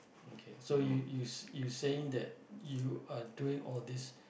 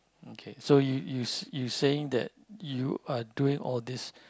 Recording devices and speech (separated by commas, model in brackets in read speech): boundary microphone, close-talking microphone, conversation in the same room